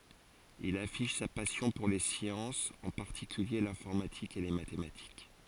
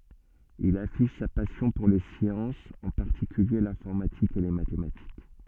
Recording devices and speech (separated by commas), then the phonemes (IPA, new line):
forehead accelerometer, soft in-ear microphone, read sentence
il afiʃ sa pasjɔ̃ puʁ le sjɑ̃sz ɑ̃ paʁtikylje lɛ̃fɔʁmatik e le matematik